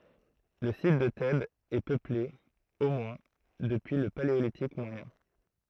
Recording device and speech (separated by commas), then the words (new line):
throat microphone, read sentence
Le site de Thèbes est peuplé, au moins, depuis le Paléolithique moyen.